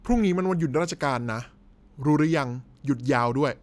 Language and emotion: Thai, frustrated